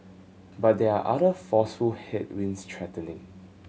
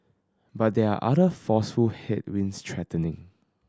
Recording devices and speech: mobile phone (Samsung C7100), standing microphone (AKG C214), read sentence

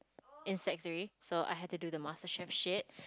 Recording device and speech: close-talking microphone, conversation in the same room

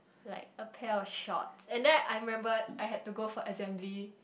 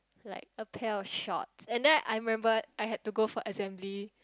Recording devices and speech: boundary microphone, close-talking microphone, conversation in the same room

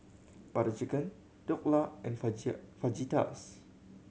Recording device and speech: mobile phone (Samsung C7100), read sentence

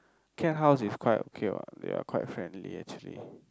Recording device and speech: close-talking microphone, conversation in the same room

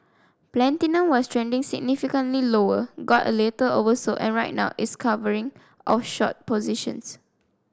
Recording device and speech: standing microphone (AKG C214), read sentence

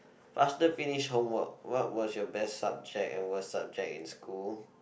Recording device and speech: boundary microphone, conversation in the same room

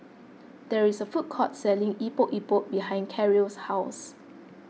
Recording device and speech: mobile phone (iPhone 6), read sentence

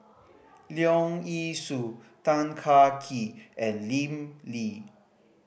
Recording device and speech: boundary microphone (BM630), read sentence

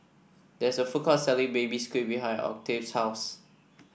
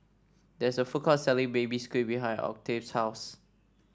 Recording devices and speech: boundary microphone (BM630), standing microphone (AKG C214), read sentence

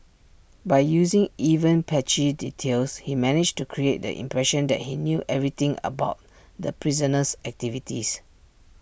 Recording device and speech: boundary microphone (BM630), read sentence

